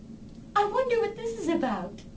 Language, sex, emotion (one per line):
English
female
happy